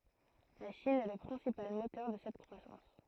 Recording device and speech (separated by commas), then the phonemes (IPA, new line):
throat microphone, read sentence
la ʃin ɛ lə pʁɛ̃sipal motœʁ də sɛt kʁwasɑ̃s